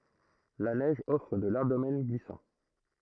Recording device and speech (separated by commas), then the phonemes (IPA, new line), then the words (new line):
throat microphone, read sentence
la nɛʒ ɔfʁ də laʁʒ domɛn ɡlisɑ̃
La neige offre de larges domaines glissants.